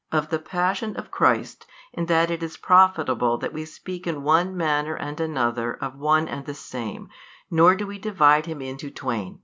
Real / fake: real